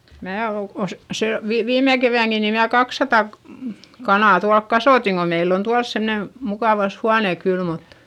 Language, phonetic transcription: Finnish, mää o , os- , se , vi- viime kevä̀ŋki ni mnää kakssata , kanà tualk kasòtiŋ ko meill ‿on tuals semne , mukàvas huane kyl mut ,.
- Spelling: minä olen - se - viime keväänäkin niin minä kaksisataa kanaa tuolla kasvatin kun meillä on tuolla semmoinen mukava huone kyllä mutta

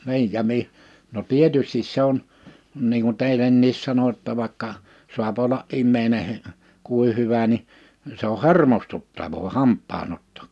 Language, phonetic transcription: Finnish, 'ni̬ij ja 'mi- , no 'tietystis se ‿on , niiŋ kun 'tèilenniis 'sano ‿tta vàekka , sua'p ‿olla’ '’immeine , 'kùi 'hyvä ni , se ‿o "hermostuttavoo 'hamp̆paan ‿ottᴏ .
- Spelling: niin ja - no tietysti se on niin kuin teillekin sanoin jotta vaikka saa olla ihminen kuinka hyvä niin se on hermostuttavaa hampaan otto

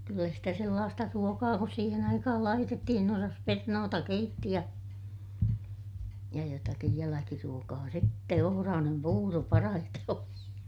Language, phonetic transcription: Finnish, kyllä sitä sellaasta ruokaa kus siihen ‿aikahal laitettihin ‿osas - pernoota keitti ja , ja jotakij jäläkiruokaa sⁱtte - ohoraanem puuro parahite oli .
- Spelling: kyllä sitä sellaista ruokaa kuin siihen aikaan laitettiin osasi perunoita keitti ja ja jotakin jälkiruokaa sitten ohrainen puuro parhaiten oli

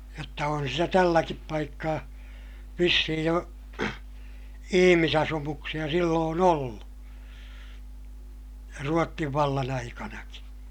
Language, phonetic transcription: Finnish, jotta on sitä tälläkip paikkaa , vissihij jo , ihimisasumuksiʲa silloon ‿ollu , Ruottiv vallan ‿aikanaki .
- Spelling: jotta on sitä tälläkin paikkaa vissiin jo ihmisasumuksia silloin ollut Ruotsin vallan aikanakin

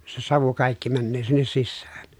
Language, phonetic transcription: Finnish, se savu kàikki männöö sinnes sissäÄN .
- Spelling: se savu kaikkia menee sinne sisään

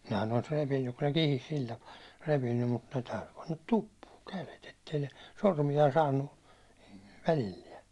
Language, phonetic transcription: Finnish, nehän ‿olis 'repinnyk kun ne 'kihis 'sil tapaa , 'repinnym mut 'täyty pannat "tuppuuŋ kälet ettei ne , 'sormija saannu , 'välilliɛ .
- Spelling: nehän olisi repinyt kun ne kihisi sillä tapaa repinyt mutta täytyi panna tuppuun kädet että ei ne sormia saanut välillään

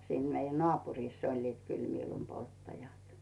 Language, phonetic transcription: Finnish, 'siin meijä "nᵒàpurìss ‿oĺliit kyl 'miilumpolttajat .
- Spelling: siinä meidän naapurissa olivat kyllä miilunpolttajat

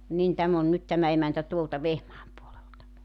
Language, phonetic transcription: Finnish, 'nin 'täm ‿on nyt 'tämä emäntä 'tuolta 'Vehmaam puolelta .
- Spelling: niin tämä on nyt tämä emäntä tuolta Vehmaan puolelta

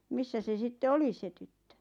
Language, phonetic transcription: Finnish, missä se 'sitte "oli 'se tyttö ?
- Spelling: missä se sitten oli se tyttö

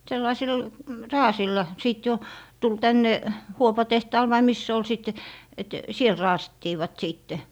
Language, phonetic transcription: Finnish, 'sellasi̮l , "raasilla , 'sìt jo , tul 'tänne , "huopa'tehtaal vai 'mis se ol sìt , et , "siel 'raasittiivat 'siitte .
- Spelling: sellaisilla raaseilla sitten jo tuli tänne huopatehtaalle vai missä se oli sitten että siellä raasittivat sitten

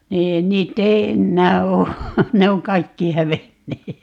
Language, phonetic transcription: Finnish, 'niin 'niitt ‿ei "ennää oo , 'ne oŋ "kaikki 'hävennee .
- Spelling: niin niitä ei enää ole ne on kaikki hävinneet

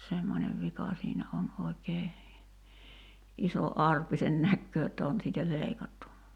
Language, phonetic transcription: Finnish, 'semmońev 'vika siinä on 'oi̬kee , 'iso "arpi sen 'näkköö (j)otta 'on siitä "leikattu .
- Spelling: semmoinen vika siinä on oikein iso arpi sen näkee jotta on siitä leikattu

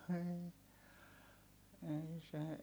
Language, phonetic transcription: Finnish, ei , ei se , .
- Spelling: ei ei se

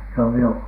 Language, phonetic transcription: Finnish, no 'jò .
- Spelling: no joo

